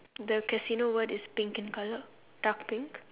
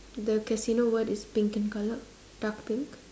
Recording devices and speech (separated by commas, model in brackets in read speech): telephone, standing microphone, conversation in separate rooms